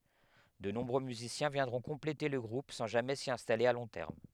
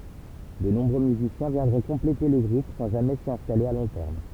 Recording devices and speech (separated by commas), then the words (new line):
headset microphone, temple vibration pickup, read sentence
De nombreux musiciens viendront compléter le groupe sans jamais s'y installer à long terme.